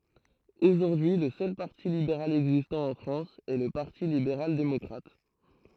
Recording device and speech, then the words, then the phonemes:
throat microphone, read sentence
Aujourd'hui le seul parti libéral existant en France est le Parti libéral démocrate.
oʒuʁdyi lə sœl paʁti libeʁal ɛɡzistɑ̃ ɑ̃ fʁɑ̃s ɛ lə paʁti libeʁal demɔkʁat

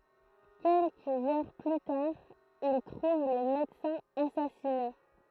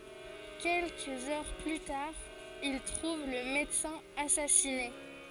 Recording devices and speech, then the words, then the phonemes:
throat microphone, forehead accelerometer, read sentence
Quelques heures plus tard, il trouve le médecin assassiné.
kɛlkəz œʁ ply taʁ il tʁuv lə medəsɛ̃ asasine

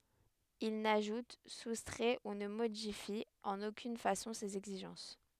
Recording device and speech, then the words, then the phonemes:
headset microphone, read sentence
Il n'ajoute, soustrait ou ne modifie en aucune façon ces exigences.
il naʒut sustʁɛ u nə modifi ɑ̃n okyn fasɔ̃ sez ɛɡziʒɑ̃s

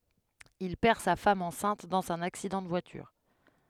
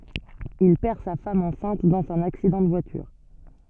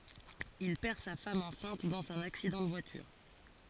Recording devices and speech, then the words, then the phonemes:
headset microphone, soft in-ear microphone, forehead accelerometer, read sentence
Il perd sa femme enceinte dans un accident de voiture.
il pɛʁ sa fam ɑ̃sɛ̃t dɑ̃z œ̃n aksidɑ̃ də vwatyʁ

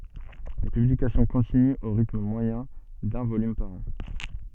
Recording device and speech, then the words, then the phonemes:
soft in-ear microphone, read sentence
Les publications continuent au rythme moyen d’un volume par an.
le pyblikasjɔ̃ kɔ̃tinyt o ʁitm mwajɛ̃ dœ̃ volym paʁ ɑ̃

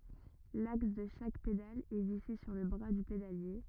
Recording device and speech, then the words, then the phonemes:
rigid in-ear microphone, read sentence
L'axe de chaque pédale est vissé sur le bras du pédalier.
laks də ʃak pedal ɛ vise syʁ lə bʁa dy pedalje

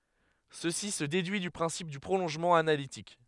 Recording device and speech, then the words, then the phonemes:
headset microphone, read sentence
Ceci se déduit du principe du prolongement analytique.
səsi sə dedyi dy pʁɛ̃sip dy pʁolɔ̃ʒmɑ̃ analitik

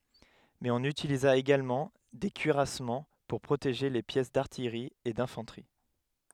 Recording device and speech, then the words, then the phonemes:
headset microphone, read sentence
Mais on utilisa également des cuirassements pour protéger les pièces d'artillerie et d'infanterie.
mɛz ɔ̃n ytiliza eɡalmɑ̃ de kyiʁasmɑ̃ puʁ pʁoteʒe le pjɛs daʁtijʁi e dɛ̃fɑ̃tʁi

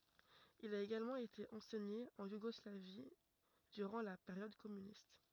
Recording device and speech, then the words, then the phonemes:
rigid in-ear microphone, read sentence
Il a également été enseigné en Yougoslavie durant la période communiste.
il a eɡalmɑ̃ ete ɑ̃sɛɲe ɑ̃ juɡɔslavi dyʁɑ̃ la peʁjɔd kɔmynist

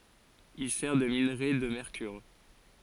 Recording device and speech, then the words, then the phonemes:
forehead accelerometer, read sentence
Il sert de minerai de mercure.
il sɛʁ də minʁe də mɛʁkyʁ

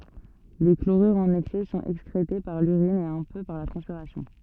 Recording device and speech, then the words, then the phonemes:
soft in-ear microphone, read sentence
Les chlorures en excès sont excrétés par l'urine et un peu par la transpiration.
le kloʁyʁz ɑ̃n ɛksɛ sɔ̃t ɛkskʁete paʁ lyʁin e œ̃ pø paʁ la tʁɑ̃spiʁasjɔ̃

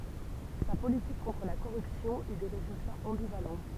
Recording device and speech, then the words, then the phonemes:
temple vibration pickup, read sentence
Sa politique contre la corruption eut des résultats ambivalents.
sa politik kɔ̃tʁ la koʁypsjɔ̃ y de ʁezyltaz ɑ̃bivalɑ̃

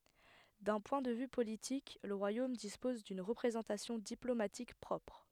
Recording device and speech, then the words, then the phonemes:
headset microphone, read sentence
D'un point de vue politique, le royaume dispose d'une représentation diplomatique propre.
dœ̃ pwɛ̃ də vy politik lə ʁwajom dispɔz dyn ʁəpʁezɑ̃tasjɔ̃ diplomatik pʁɔpʁ

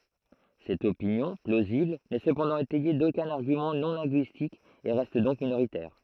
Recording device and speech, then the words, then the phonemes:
throat microphone, read sentence
Cette opinion, plausible, n'est cependant étayée d'aucun argument non linguistique et reste donc minoritaire.
sɛt opinjɔ̃ plozibl nɛ səpɑ̃dɑ̃ etɛje dokœ̃n aʁɡymɑ̃ nɔ̃ lɛ̃ɡyistik e ʁɛst dɔ̃k minoʁitɛʁ

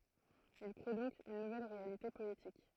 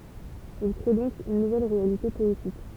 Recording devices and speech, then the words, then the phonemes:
throat microphone, temple vibration pickup, read sentence
Il crée donc une nouvelle réalité poétique.
il kʁe dɔ̃k yn nuvɛl ʁealite pɔetik

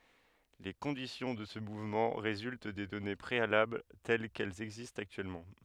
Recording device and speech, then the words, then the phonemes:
headset microphone, read sentence
Les conditions de ce mouvement résultent des données préalables telles qu’elles existent actuellement.
le kɔ̃disjɔ̃ də sə muvmɑ̃ ʁezylt de dɔne pʁealabl tɛl kɛlz ɛɡzistt aktyɛlmɑ̃

